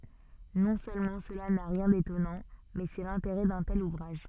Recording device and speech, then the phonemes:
soft in-ear microphone, read sentence
nɔ̃ sølmɑ̃ səla na ʁjɛ̃ detɔnɑ̃ mɛ sɛ lɛ̃teʁɛ dœ̃ tɛl uvʁaʒ

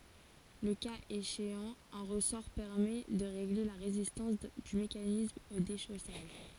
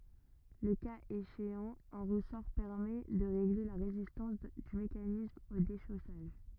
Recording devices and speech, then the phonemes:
forehead accelerometer, rigid in-ear microphone, read sentence
lə kaz eʃeɑ̃ œ̃ ʁəsɔʁ pɛʁmɛ də ʁeɡle la ʁezistɑ̃s dy mekanism o deʃosaʒ

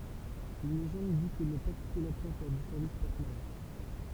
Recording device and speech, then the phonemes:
temple vibration pickup, read sentence
yn leʒɑ̃d di kə nə pa kupe la pwɛ̃t lɔʁ dy sɛʁvis pɔʁt malœʁ

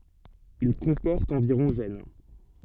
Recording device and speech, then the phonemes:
soft in-ear microphone, read sentence
il kɔ̃pɔʁt ɑ̃viʁɔ̃ ʒɛn

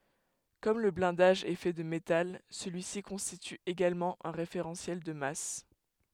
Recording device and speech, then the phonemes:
headset microphone, read sentence
kɔm lə blɛ̃daʒ ɛ fɛ də metal səlyi si kɔ̃stity eɡalmɑ̃ œ̃ ʁefeʁɑ̃sjɛl də mas

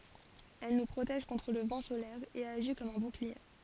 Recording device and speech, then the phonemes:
forehead accelerometer, read sentence
ɛl nu pʁotɛʒ kɔ̃tʁ lə vɑ̃ solɛʁ e aʒi kɔm œ̃ buklie

